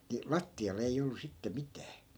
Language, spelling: Finnish, niin lattialla ei ollut sitten mitään
- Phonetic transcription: ni "latti₍al ‿ei'j ‿ollu 'sitte 'mitää .

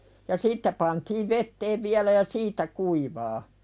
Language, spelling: Finnish, ja siitä pantiin veteen vielä ja siitä kuivaa
- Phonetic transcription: ja "siittä pantiiv 'vetteev viälä ja "siitä kuivaa .

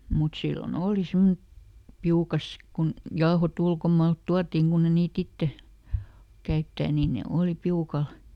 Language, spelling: Finnish, mutta silloin oli semmoinen piukassa kun jauhot ulkomaalta tuotiin kun ei niitä itse käyttää niin ne oli piukalla
- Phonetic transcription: mut silloˈn ‿ooli ˈsimmonᵉ , "piukas , kun , ˈjaohoˈt ‿ulkomaalt "tuattiŋ kunn ‿e niiˈt ‿itte , ˈkäyttää niin ne ˈooli "piukal .

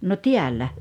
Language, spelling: Finnish, no täällä
- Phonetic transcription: no "tiällä .

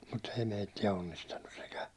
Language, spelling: Finnish, mutta ei meitä onnistanut sekään
- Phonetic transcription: mut't ‿ei 'meittiä 'onnistannus sekä .

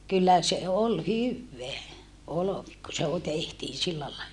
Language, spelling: Finnish, kyllä se oli hyvää olvi kun se - tehtiin sillä lailla
- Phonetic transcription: kyllä se ol hyvveä , olovi ku se o - tehtiin̬ sillä lae(lla) .

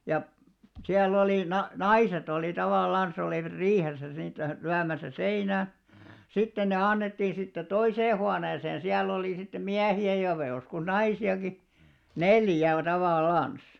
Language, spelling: Finnish, ja siellä oli - naiset oli tavallansa olivat riihessä niitä lyömässä seinään sitten ne annettiin siitä toiseen huoneeseen siellä oli sitten miehiä ja voi joskus naisiakin neljä on tavallansa
- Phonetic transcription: ja , 'siäll ‿olì na- , "naiset ‿olì 'tavàllans ‿olìvᵃt 'riihesä niitä 'lyämäsä "seinää̰ , 'sitten ne 'annettiin̬ siittä "toisee huaneeseen̬ 'siäll ‿olì sittem "miähi₍ä ja (voje) joskus 'naisi₍aki , "neljä o "tavàllàns .

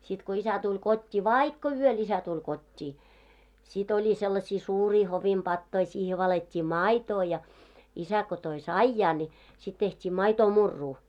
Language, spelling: Finnish, sitten kun isä tuli kotiin vaikka yöllä isä tuli kotiin sitten oli sellaisia suuria hovin patoja siihen valettiin maitoa ja isä kun toi saijaa niin sitten tehtiin maitomurua
- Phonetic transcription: sit ko 'isä tuĺ 'kot́t́ii , "vaikko 'yöl "isä tuĺ 'kot́t́ii , sit oĺi sellasii suurii 'hovim 'ʙattoi siihe valet́t́ii "máitoo ja , isä ko toi "saijaa ńi , sit tehtii 'maitoo'murruu .

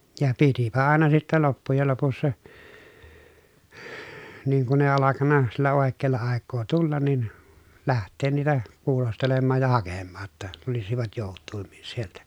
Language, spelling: Finnish, ja pitipä aina sitten loppujen lopussa niin kun ei alkanut sillä oikealla aikaa tulla niin lähteä niitä kuulostelemaan ja hakemaan jotta tulisivat joutuimmin sieltä
- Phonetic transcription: ja pitipä àena sittɛ loppujel lopussa , niiŋ kun ‿èi alakanna , sillä òekkeella àekkoo tullan nin , läht̆teen niitä , kuulostelemmaaj ja hakemmaa ‿tta , tulisivat jòuttuimmin sieltä .

